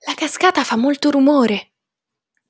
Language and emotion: Italian, surprised